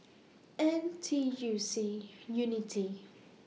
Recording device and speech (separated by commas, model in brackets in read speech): mobile phone (iPhone 6), read sentence